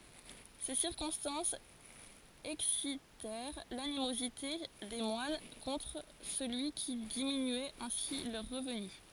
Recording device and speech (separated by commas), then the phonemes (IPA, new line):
forehead accelerometer, read sentence
se siʁkɔ̃stɑ̃sz ɛksitɛʁ lanimozite de mwan kɔ̃tʁ səlyi ki diminyɛt ɛ̃si lœʁ ʁəvny